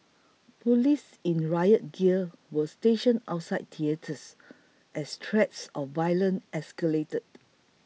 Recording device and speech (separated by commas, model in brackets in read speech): mobile phone (iPhone 6), read sentence